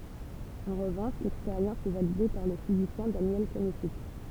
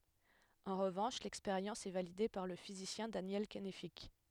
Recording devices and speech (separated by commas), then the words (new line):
temple vibration pickup, headset microphone, read sentence
En revanche, l'expérience est validée par le physicien Daniel Kennefick.